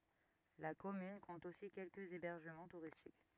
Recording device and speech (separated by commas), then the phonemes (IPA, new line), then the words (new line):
rigid in-ear microphone, read sentence
la kɔmyn kɔ̃t osi kɛlkəz ebɛʁʒəmɑ̃ tuʁistik
La commune compte aussi quelques hébergements touristiques.